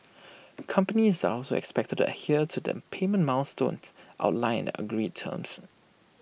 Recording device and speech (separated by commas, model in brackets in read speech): boundary microphone (BM630), read sentence